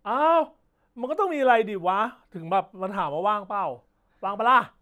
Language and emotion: Thai, happy